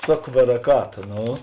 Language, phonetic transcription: Lithuanian, ˈsok baraˈkata ˈno

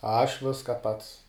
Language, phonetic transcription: Lithuanian, ˈaš ˈviska ˈpats

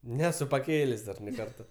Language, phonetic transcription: Lithuanian, ˈnesu paˈkėlės' dar nei ˈkarta

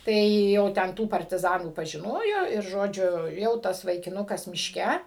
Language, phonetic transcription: Lithuanian, ˈtai jau ˈten ˈtų partiˈzanų pažiˈnojo ir ˈžodžiu ˈjau ˈtas vaikiˈnukas mišˈke

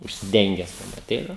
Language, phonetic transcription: Lithuanian, užsiˈdenges aˈteina

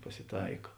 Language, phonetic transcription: Lithuanian, pasiˈtaika

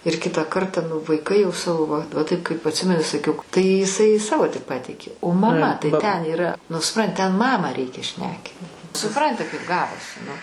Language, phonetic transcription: Lithuanian, ir ˈkitą ˈkarta nu vaiˈkai jau ˈsavo va va ˈtaip kaip atˈsimeni saˈkiau tai iˈsai ˈsavo tik ˈpateikė o maˈma tai ten yˈra nu suˈpran ten ˈmamą ˈreikia ˈšnekyt suˈpranti kaip ˈgavosi nu

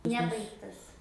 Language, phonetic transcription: Lithuanian, ˈnebaigtas

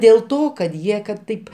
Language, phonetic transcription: Lithuanian, dėl ˈto kad ˈjie kad ˈtaip

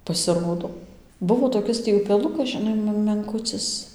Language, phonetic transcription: Lithuanian, pasiˈrodo ˈbuvo toˈkis tį upeˈlukas žiˈnai m menˈkucɨs

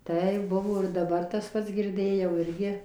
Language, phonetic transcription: Lithuanian, ˈtai ˈbuvo ir daˈbar tas ˈpats girˈdėjau ˈirgi

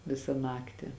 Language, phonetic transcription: Lithuanian, ˈvisa ˈnakti

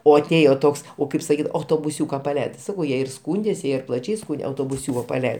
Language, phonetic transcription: Lithuanian, o aˈtėjo ˈtoks ˈo ˈkaip saˈkyt autobuˈsiūka paˈleidai ti ˈsakau ˈjie ir ˈskūndės ˈjie ir plaˈčiai ˈskūnde autobuˈsiūko paˈlei

